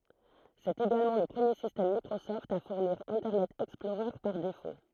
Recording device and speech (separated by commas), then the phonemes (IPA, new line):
throat microphone, read sentence
sɛt eɡalmɑ̃ lə pʁəmje sistɛm mikʁosɔft a fuʁniʁ ɛ̃tɛʁnɛt ɛksplɔʁœʁ paʁ defo